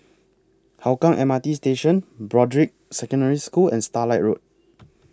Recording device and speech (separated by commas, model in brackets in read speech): close-talking microphone (WH20), read sentence